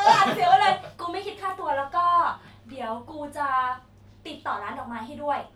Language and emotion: Thai, happy